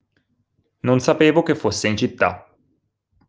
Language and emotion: Italian, neutral